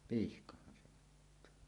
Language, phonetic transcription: Finnish, pihkahhan se ottaa .
- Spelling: pihkahan se ottaa

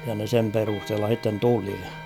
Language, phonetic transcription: Finnish, ja ne 'sem 'perusthella h̬itten "tuli .
- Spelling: ja ne sen perusteella sitten tuli

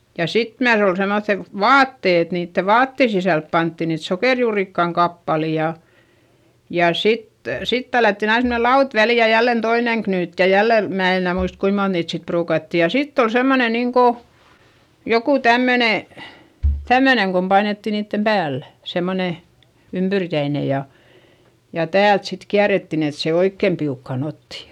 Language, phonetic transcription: Finnish, ja sit myäs ‿ol semoϑϑe , vaatte et niitte vaatte sisälp pantti niit sokèrjuurikkaŋ kappali ja , ja sit , sit tällättin ‿ain semne laut väli ja jällen toineŋ knyyt ja jälle , mää en ‿enä̀ muist kuim mont niit sit pruukatti ja sitt ‿ol semmone niŋko , joku tämmöne , tämmöneŋ kom painetti niittem päällÄ , semmone , ympyrkäine ja , ja täält sit kiärettin ‿et se oikkem piukkàn ‿otti .
- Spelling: ja sitten myös oli semmoiset vaatteet että niiden vaatteiden sisälle pantiin niitä sokerijuurikkaan kappaleita ja ja sitten sitten tällättiin aina semmoinen lauta väliin ja jälleen toinen knyytti ja jälleen minä en enää muista kuinka monta niitä sitten ruukattiin ja sitten oli semmoinen niin kuin joku tämmöinen tämmöinen kun painettiin niiden päällä semmoinen ympyrkäinen ja ja täältä sitten kierrettiin että se oikein piukkaan otti

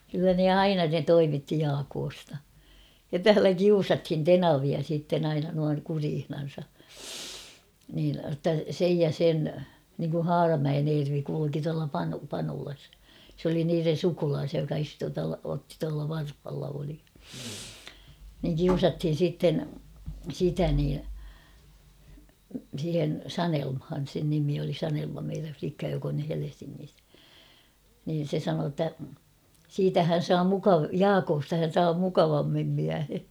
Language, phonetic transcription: Finnish, kyllä ne "aina ne 'toimitti "Jaakoosta- ja 'täälä "kiusathin "tenavia siitten ‿'aina nuaŋ 'kuriihnan̬sa , niin ⁿotta 'sej ja 'sen , niŋku "Haaramäen 'Eervi kuiuki tuala 'Panu- 'Panulas , s ‿oli niiren̬ "sukulaasia joka (sitten tualta otti) tuala 'Varfhalla oli ; niŋ "kiusathin̬ sitten , "sitä nii , siihen "Sanelmhan̬ sen nimi oli 'Sanelma meirä̰ flikka jok ‿on ny 'Helesiŋŋis ; niin̬ 'se 'sanoo ‿ttä , 'siitä hän̬ 'saa mukav- "Jaakosta hän̬ saa 'mukavammim miähe .
- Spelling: kyllä ne aina ne toimitti Jaakosta ja täällä kiusattiin tenavia sitten aina noin kureissansa niin jotta sen ja sen niin kuin Haaramäen Ervi kulki tuolla - Panulassa se oli niiden sukulaisia joka sitten tuolta otti tuolla Varhalla oli niin kiusattiin sitten sitä niin siihen Sanelmaan sen nimi oli Sanelma meidän likka joka on nyt Helsingissä niin se sanoi että siitä hän saa - Jaakosta hän saa mukavammin miehen

